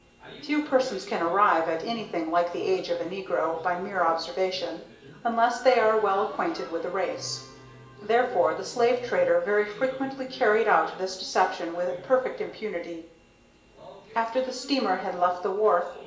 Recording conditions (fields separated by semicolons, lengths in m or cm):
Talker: one person; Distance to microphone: 1.8 m; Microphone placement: close; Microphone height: 1.0 m; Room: large; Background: television